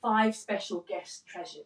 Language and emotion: English, neutral